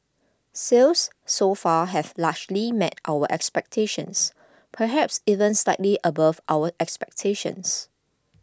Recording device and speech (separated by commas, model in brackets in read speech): close-talking microphone (WH20), read sentence